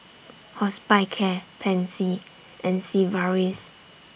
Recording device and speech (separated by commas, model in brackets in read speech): boundary microphone (BM630), read sentence